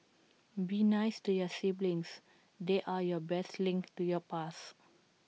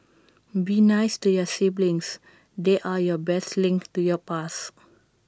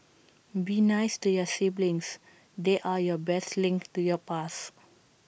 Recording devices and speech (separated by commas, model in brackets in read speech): mobile phone (iPhone 6), standing microphone (AKG C214), boundary microphone (BM630), read sentence